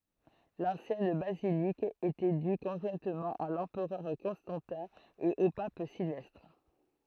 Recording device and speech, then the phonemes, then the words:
throat microphone, read sentence
lɑ̃sjɛn bazilik etɛ dy kɔ̃ʒwɛ̃tmɑ̃ a lɑ̃pʁœʁ kɔ̃stɑ̃tɛ̃ e o pap silvɛstʁ
L'ancienne basilique était due conjointement à l'empereur Constantin et au Pape Sylvestre.

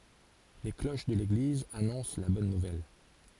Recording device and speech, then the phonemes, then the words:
forehead accelerometer, read sentence
le kloʃ də leɡliz anɔ̃s la bɔn nuvɛl
Les cloches de l'église annoncent la bonne nouvelle.

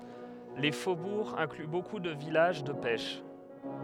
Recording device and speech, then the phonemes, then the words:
headset microphone, read sentence
le fobuʁz ɛ̃kly boku də vilaʒ də pɛʃ
Les faubourgs incluent beaucoup de villages de pêche.

